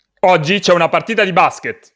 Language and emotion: Italian, angry